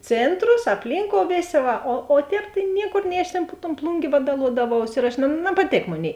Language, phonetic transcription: Lithuanian, ˈcėntros apˈlynkou ˈvėˌsė ˈva o o ˈtēp tai ˈniekor nei aš tėn pu ton ˈplungė ˈvadaluodaˌvaus ir aš na napaˈtėk ˈmoˌnėi

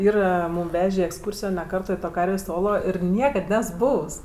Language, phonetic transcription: Lithuanian, ˈyra ˈmūm ˈvežė į eksˈkūrsijo ne ˈkarto i ˈto ˈkarvės' ˈolo ir ˈniekad ˈnes ˈbūvs

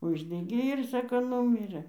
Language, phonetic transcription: Lithuanian, ˈuždegė ir ˈsako ˈnūmirɘ

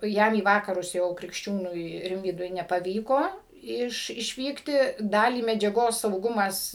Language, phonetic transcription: Lithuanian, ˈjam į ˈvakarus jau krikšˈčiūnui ˈrimvydui nepaˈvyko ˈiš išˈvykti ˈdalį medžiaˈgos sauˈgumas

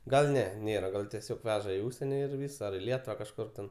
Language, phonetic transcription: Lithuanian, gal ˈne ˈnėra ˈgal tieˈsiog ˈveža į ˈužsieni ir ˈvys ar i ˈlietuva kažˈkur ten

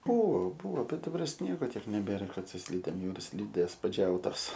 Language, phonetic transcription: Lithuanian, ˈbūvo ˈbūvo bet daˈbar ˈsniego ˈtiek neˈbėra ˈkad su ˈslydėm ˈjau ir ˈslydės paˈdžiautos

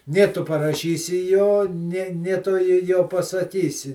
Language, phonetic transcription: Lithuanian, ˈnė ˈtu paraˈšysi ˈjo ˈnė ˈnė ˈtu ˈjo jo pasaˈkysi

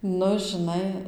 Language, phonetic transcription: Lithuanian, ˈnu žiˈnai

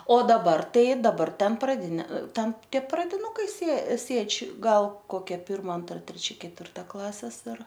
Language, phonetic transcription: Lithuanian, o daˈbar ˈtai daˈbar ˈten praˈdinė ˈten ˈtie pradiˈnukai sė ˈsėdž' ˈgal koˈkia ˈpirma ˈantra treˈčia ketvirˈta ˈklases ir

